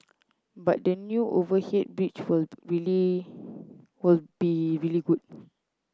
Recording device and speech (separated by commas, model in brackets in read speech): close-talking microphone (WH30), read sentence